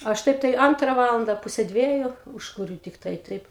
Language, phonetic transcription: Lithuanian, aš ˈtaip tai ˈantra ˈvalanda ˈpuse ˈdvieju ˈūžkuriu tikˈtai ˈtaip

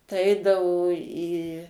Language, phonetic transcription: Lithuanian, tai ˈeidavo į

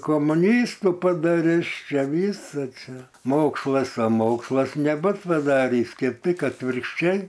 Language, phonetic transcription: Lithuanian, komuˈnystu padaˈris ˈčia ˈvysa ˈčia ˈmokslas a ˈmokslas neˈbut paˈdarįs kėp ˈtik atvirkšˈčiai

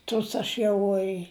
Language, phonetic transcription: Lithuanian, ˈtus aš ˈjau i

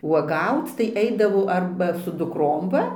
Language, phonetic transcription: Lithuanian, uoˈgauc tai ˈeidavau ˈarba su dukˈrom ˈva

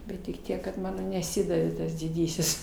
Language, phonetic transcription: Lithuanian, bet tik ˈtiek kad ˈmano neˈsidavė ˈtas diˈdysis

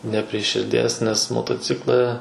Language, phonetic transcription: Lithuanian, ne pri širˈdies nes motoˈcikla

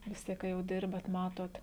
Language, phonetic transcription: Lithuanian, vis ˈtiek ka jau ˈdirbat ˈmatot

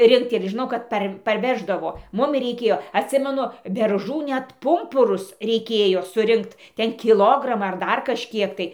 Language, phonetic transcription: Lithuanian, ˈrinkt ir žiˈnau kad ˈpar parˈveždavo ˈmumi reiˈkėjo atˈsimenu berˈžų ˈnet ˈpumpurus reiˈkėjo suˈrinkt ˈten kiˈlogramą ar ˈdar kažˈkiek tai

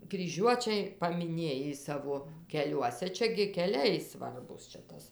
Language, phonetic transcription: Lithuanian, kryˈžiuočiai pamiˈnėjį ˈsavo keˈliuose ˈčia gi keˈliai ˈsvarbūs čia ˈtas

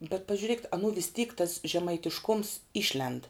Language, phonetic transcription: Lithuanian, bet pažiuˈrėkit anų vis tyk tas žemaitišˈkoms ˈišlend

